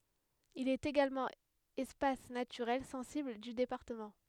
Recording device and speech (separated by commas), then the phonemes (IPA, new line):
headset microphone, read sentence
il ɛt eɡalmɑ̃ ɛspas natyʁɛl sɑ̃sibl dy depaʁtəmɑ̃